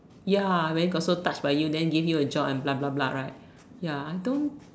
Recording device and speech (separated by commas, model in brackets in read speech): standing microphone, conversation in separate rooms